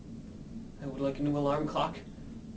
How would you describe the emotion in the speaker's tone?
neutral